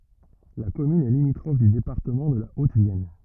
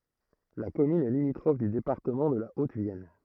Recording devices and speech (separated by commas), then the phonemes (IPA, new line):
rigid in-ear microphone, throat microphone, read sentence
la kɔmyn ɛ limitʁɔf dy depaʁtəmɑ̃ də la otəvjɛn